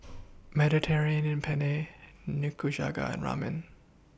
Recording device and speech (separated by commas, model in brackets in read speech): boundary microphone (BM630), read sentence